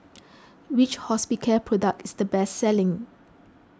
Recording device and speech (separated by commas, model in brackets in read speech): close-talking microphone (WH20), read sentence